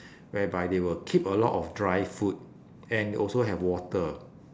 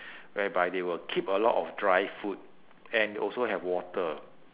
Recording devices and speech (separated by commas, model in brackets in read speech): standing microphone, telephone, conversation in separate rooms